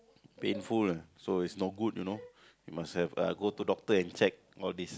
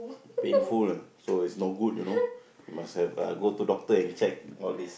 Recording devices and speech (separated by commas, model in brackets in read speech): close-talking microphone, boundary microphone, conversation in the same room